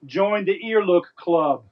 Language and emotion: English, neutral